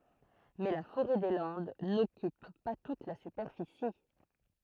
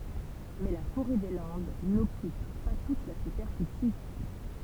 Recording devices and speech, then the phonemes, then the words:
throat microphone, temple vibration pickup, read sentence
mɛ la foʁɛ de lɑ̃d nɔkyp pa tut la sypɛʁfisi
Mais la forêt des Landes n'occupe pas toute la superficie.

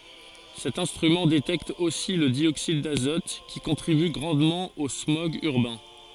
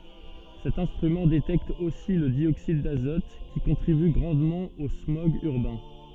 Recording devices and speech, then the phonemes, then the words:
forehead accelerometer, soft in-ear microphone, read sentence
sɛt ɛ̃stʁymɑ̃ detɛkt osi lə djoksid dazɔt ki kɔ̃tʁiby ɡʁɑ̃dmɑ̃ o smɔɡz yʁbɛ̃
Cet instrument détecte aussi le dioxyde d'azote, qui contribue grandement aux smogs urbains.

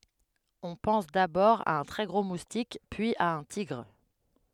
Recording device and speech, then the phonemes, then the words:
headset microphone, read sentence
ɔ̃ pɑ̃s dabɔʁ a œ̃ tʁɛ ɡʁo mustik pyiz a œ̃ tiɡʁ
On pense d'abord à un très gros moustique, puis à un tigre.

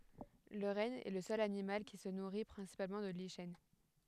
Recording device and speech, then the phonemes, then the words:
headset microphone, read sentence
lə ʁɛn ɛ lə sœl animal ki sə nuʁi pʁɛ̃sipalmɑ̃ də liʃɛn
Le renne est le seul animal qui se nourrit principalement de lichens.

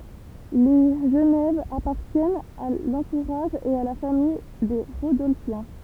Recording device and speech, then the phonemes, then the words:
temple vibration pickup, read sentence
le ʒənɛv apaʁtjɛnt a lɑ̃tuʁaʒ e a la famij de ʁodɔlfjɛ̃
Les Genève appartiennent à l'entourage et à la famille des Rodolphiens.

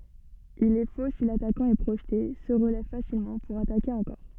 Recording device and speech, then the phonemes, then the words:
soft in-ear microphone, read sentence
il ɛ fo si latakɑ̃ ɛ pʁoʒte sə ʁəlɛv fasilmɑ̃ puʁ atake ɑ̃kɔʁ
Il est faux si l’attaquant est projeté, se relève facilement, pour attaquer encore.

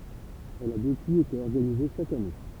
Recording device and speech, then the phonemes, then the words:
temple vibration pickup, read sentence
ɛl a dəpyiz ete ɔʁɡanize ʃak ane
Elle a depuis été organisée chaque année.

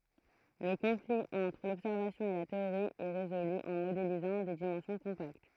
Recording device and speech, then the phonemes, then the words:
throat microphone, read sentence
lə kɔ̃fli ɑ̃tʁ lɔbsɛʁvasjɔ̃ e la teoʁi ɛ ʁezoly ɑ̃ modelizɑ̃ de dimɑ̃sjɔ̃ kɔ̃pakt
Le conflit entre l'observation et la théorie est résolu en modélisant des dimensions compactes.

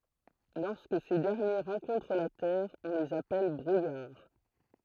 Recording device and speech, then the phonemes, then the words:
throat microphone, read sentence
lɔʁskə se dɛʁnje ʁɑ̃kɔ̃tʁ la tɛʁ ɔ̃ lez apɛl bʁujaʁ
Lorsque ces derniers rencontrent la terre, on les appelle brouillard.

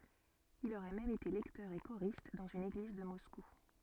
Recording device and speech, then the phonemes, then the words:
soft in-ear microphone, read sentence
il oʁɛ mɛm ete lɛktœʁ e koʁist dɑ̃z yn eɡliz də mɔsku
Il aurait même été lecteur et choriste dans une église de Moscou.

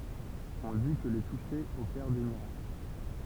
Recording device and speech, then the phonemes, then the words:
temple vibration pickup, read sentence
ɔ̃ di kə le tuʃe opɛʁ de miʁakl
On dit que les toucher opère des miracles.

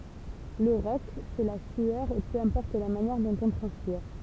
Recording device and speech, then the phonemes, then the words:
temple vibration pickup, read sentence
lə ʁɔk sɛ la syœʁ e pø ɛ̃pɔʁt la manjɛʁ dɔ̃t ɔ̃ tʁɑ̃spiʁ
Le rock, c'est la sueur et peu importe la manière dont on transpire.

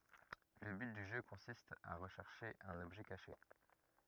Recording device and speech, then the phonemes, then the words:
rigid in-ear microphone, read sentence
lə byt dy ʒø kɔ̃sist a ʁəʃɛʁʃe œ̃n ɔbʒɛ kaʃe
Le but du jeu consiste à rechercher un objet caché.

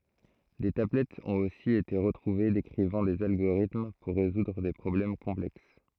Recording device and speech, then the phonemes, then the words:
throat microphone, read sentence
de tablɛtz ɔ̃t osi ete ʁətʁuve dekʁivɑ̃ dez alɡoʁitm puʁ ʁezudʁ de pʁɔblɛm kɔ̃plɛks
Des tablettes ont aussi été retrouvées décrivant des algorithmes pour résoudre des problèmes complexes.

